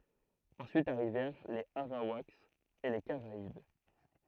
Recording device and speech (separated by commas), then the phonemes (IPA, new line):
throat microphone, read sentence
ɑ̃syit aʁivɛʁ lez aʁawakz e le kaʁaib